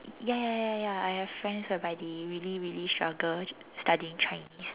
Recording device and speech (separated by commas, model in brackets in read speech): telephone, conversation in separate rooms